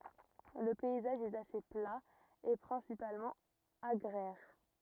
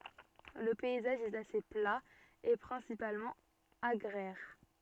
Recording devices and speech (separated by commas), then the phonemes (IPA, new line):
rigid in-ear microphone, soft in-ear microphone, read sentence
lə pɛizaʒ ɛt ase pla e pʁɛ̃sipalmɑ̃ aɡʁɛʁ